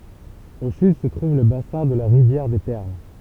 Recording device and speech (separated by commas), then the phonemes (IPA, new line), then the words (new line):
temple vibration pickup, read sentence
o syd sə tʁuv lə basɛ̃ də la ʁivjɛʁ de pɛʁl
Au sud se trouve le bassin de la rivière des Perles.